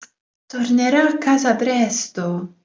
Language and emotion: Italian, surprised